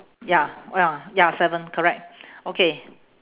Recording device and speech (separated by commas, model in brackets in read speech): telephone, conversation in separate rooms